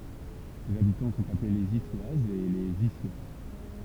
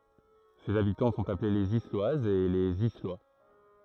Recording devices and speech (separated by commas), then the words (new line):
temple vibration pickup, throat microphone, read sentence
Ses habitants sont appelés les Isloises et les Islois.